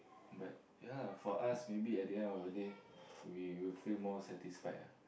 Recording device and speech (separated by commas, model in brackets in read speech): boundary microphone, conversation in the same room